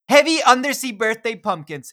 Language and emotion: English, happy